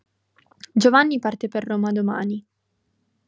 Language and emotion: Italian, neutral